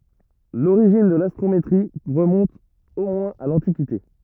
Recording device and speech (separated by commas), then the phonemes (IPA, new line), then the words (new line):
rigid in-ear microphone, read sentence
loʁiʒin də lastʁometʁi ʁəmɔ̃t o mwɛ̃z a lɑ̃tikite
L'origine de l'astrométrie remonte au moins à l'Antiquité.